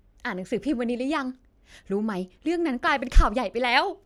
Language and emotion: Thai, happy